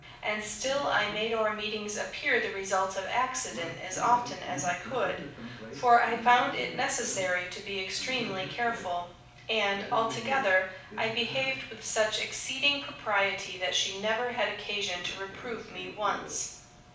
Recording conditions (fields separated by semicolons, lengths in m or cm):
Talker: one person; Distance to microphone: 5.8 m; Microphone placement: far; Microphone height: 1.8 m; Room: medium-sized (5.7 m by 4.0 m); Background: television